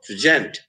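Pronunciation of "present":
In 'present', the stress falls on the second syllable.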